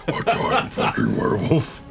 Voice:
deeply